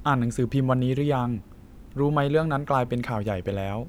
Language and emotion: Thai, neutral